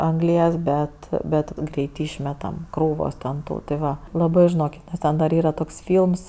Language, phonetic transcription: Lithuanian, anˈglies bet ˈbet ˈgreit ˈišmetam ˈkrūvos ten ˈtų ti ˈva laˈbɜ žiˈnokit nes ˈten dar ˈyra ˈtoks ˈfylms

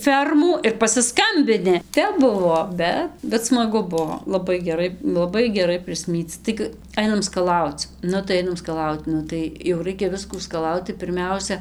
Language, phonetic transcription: Lithuanian, ˈfermų ir pasiˈskambini ˈtep ˈbuvo ˈbet bet smaˈgu ˈbuo laˈbai geˈrai laˈbai geˈrai prisˈmyc ˈtaigɨ ˈainam skaˈlauc ˈnu tai ˈainam skaˈlaut ˈnu tai jau ˈraikia ˈviskų skaˈlaut tai pirˈmiausia

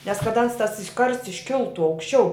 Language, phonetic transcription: Lithuanian, nes kad ˈans ˈtas ˈkarsts išˈkiltu aukšˈčiau

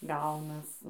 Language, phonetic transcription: Lithuanian, ˈgaunas

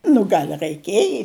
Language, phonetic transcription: Lithuanian, nu ˈgal' raiˈkieji

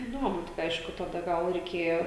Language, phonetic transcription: Lithuanian, iˈduomu tik ˈaišku taˈda gal reiˈkėjo

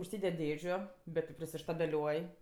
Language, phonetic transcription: Lithuanian, užˈsyded' ˈdėžiu ˈbet ti prisištabeˈliuoj

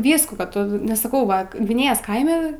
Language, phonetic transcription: Lithuanian, ˈvyskų ka ˈtu nes saˈkau ˈva gviˈnėjos ˈkaime

